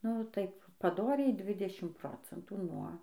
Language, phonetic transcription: Lithuanian, nu ˈtaip paˈdoriai ˈdvidešim ˈprocentų nuo

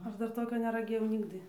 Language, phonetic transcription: Lithuanian, ˈaš ˈdar ˈtokio neraˈgėjau ˈnigdɨ

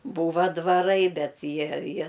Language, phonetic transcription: Lithuanian, ˈbūva dvaˈrai ˈbet ˈjie ˈjie

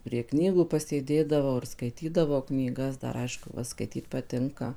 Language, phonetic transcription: Lithuanian, prie ˈknygų pasėˈdėdavau ir skaiˈtydavau knyˈgas ˈdar ˈaišku ˈva skaiˈtyt paˈtinka

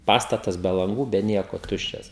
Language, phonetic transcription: Lithuanian, ˈpastatas be lanˈgų be ˈnieko ˈtuščias

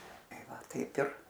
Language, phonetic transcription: Lithuanian, ˈtai ˈva ˈtaip ir

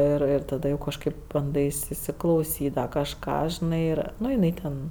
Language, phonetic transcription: Lithuanian, ir ˈir taˈda jau kažˈkaip banˈdais įsiklauˈsyt dar kažˈką žiˈnai ˈnu jiˈnai ten

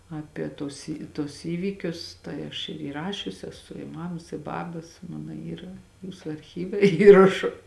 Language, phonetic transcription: Lithuanian, ˈapie ˈtuos i ˈtuos ˈįvykius ˈtai aš ir įˈrašius eˈsu i ˈmamas i ˈbabas ˈmana ˈyra ˈjūsu arˈchyve ˈįrašu

